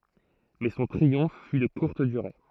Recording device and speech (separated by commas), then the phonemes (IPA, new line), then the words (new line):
throat microphone, read sentence
mɛ sɔ̃ tʁiɔ̃f fy də kuʁt dyʁe
Mais son triomphe fut de courte durée.